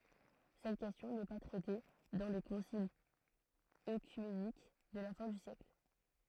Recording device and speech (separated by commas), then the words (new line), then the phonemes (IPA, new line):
throat microphone, read sentence
Cette question n'est pas traitée dans les conciles œcuméniques de la fin du siècle.
sɛt kɛstjɔ̃ nɛ pa tʁɛte dɑ̃ le kɔ̃silz økymenik də la fɛ̃ dy sjɛkl